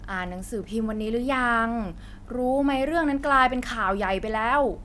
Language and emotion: Thai, frustrated